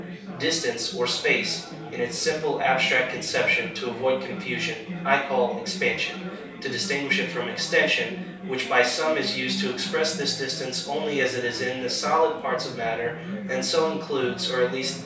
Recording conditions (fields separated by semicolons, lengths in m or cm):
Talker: one person; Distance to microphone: 3.0 m; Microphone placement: far; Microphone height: 1.8 m; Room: small (3.7 m by 2.7 m); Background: babble